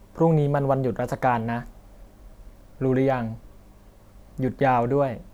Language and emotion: Thai, neutral